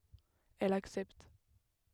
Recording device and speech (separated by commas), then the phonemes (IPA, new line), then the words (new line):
headset microphone, read sentence
ɛl aksɛpt
Elle accepte.